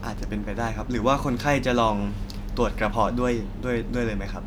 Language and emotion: Thai, neutral